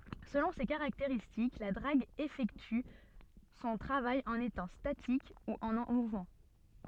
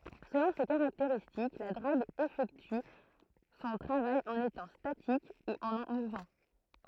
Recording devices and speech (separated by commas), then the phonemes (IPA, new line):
soft in-ear microphone, throat microphone, read sentence
səlɔ̃ se kaʁakteʁistik la dʁaɡ efɛkty sɔ̃ tʁavaj ɑ̃n etɑ̃ statik u ɑ̃ muvmɑ̃